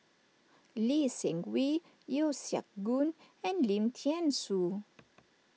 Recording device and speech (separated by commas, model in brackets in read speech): mobile phone (iPhone 6), read sentence